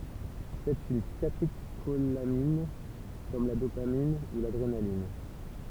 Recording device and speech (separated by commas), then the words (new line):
temple vibration pickup, read sentence
C'est une catécholamine comme la dopamine ou l'adrénaline.